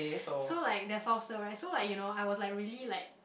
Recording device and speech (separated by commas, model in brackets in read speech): boundary microphone, conversation in the same room